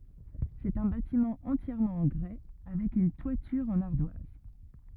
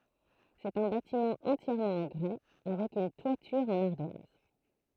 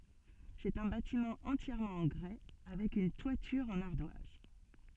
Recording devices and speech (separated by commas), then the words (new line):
rigid in-ear microphone, throat microphone, soft in-ear microphone, read sentence
C'est un bâtiment entièrement en grès, avec une toiture en ardoise.